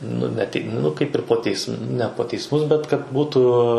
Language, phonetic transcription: Lithuanian, ˈnu ne ˈtik ˈnu ˈkaip ir po ˈteism ne po teisˈmus bet kad ˈbūtu

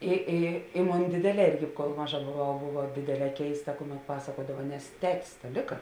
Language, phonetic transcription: Lithuanian, i ˈi i ˈmon ˈdėdėˌlē ˈirgi kol ˈmaˌža boˈvau ˈbova ˈdėdėˌlē ˈkeista ˈkuˌmet ˈpasakuodava nes ˈtetis ta ˈlika

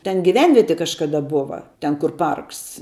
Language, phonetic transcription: Lithuanian, ˈten giˈvenvieti kažkaˈda ˈbova ten kur ˈparks

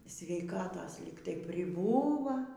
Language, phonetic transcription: Lithuanian, sveiˈkatos ˈlyg tai priˈbūva

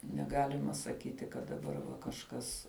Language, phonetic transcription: Lithuanian, neˈgalima saˈkyti kad daˈbar va kažˈkas

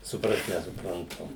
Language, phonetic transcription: Lithuanian, suˈprast nesupranˈtu

